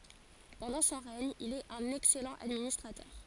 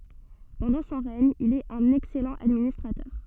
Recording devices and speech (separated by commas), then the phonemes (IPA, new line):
forehead accelerometer, soft in-ear microphone, read sentence
pɑ̃dɑ̃ sɔ̃ ʁɛɲ il ɛt œ̃n ɛksɛlɑ̃ administʁatœʁ